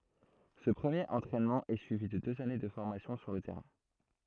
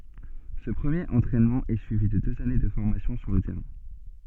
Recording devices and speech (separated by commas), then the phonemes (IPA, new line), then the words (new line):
throat microphone, soft in-ear microphone, read sentence
sə pʁəmjeʁ ɑ̃tʁɛnmɑ̃ ɛ syivi də døz ane də fɔʁmasjɔ̃ syʁ lə tɛʁɛ̃
Ce premier entraînement est suivi de deux années de formation sur le terrain.